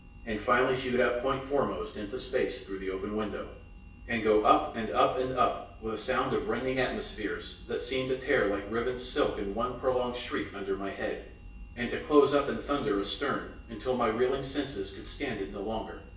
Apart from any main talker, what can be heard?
Nothing.